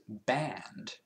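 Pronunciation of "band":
'band' is said with an American accent, and its ah vowel goes very wide.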